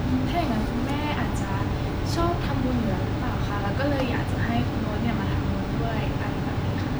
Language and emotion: Thai, neutral